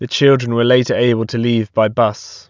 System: none